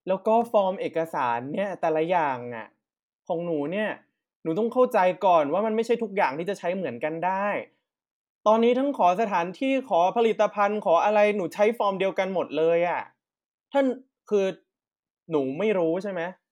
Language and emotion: Thai, frustrated